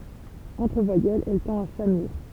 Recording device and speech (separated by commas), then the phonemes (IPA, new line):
temple vibration pickup, read sentence
ɑ̃tʁ vwajɛlz ɛl tɑ̃t a samyiʁ